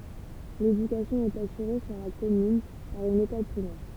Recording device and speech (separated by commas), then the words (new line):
temple vibration pickup, read sentence
L'éducation est assurée sur la commune par une école primaire.